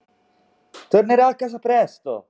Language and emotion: Italian, happy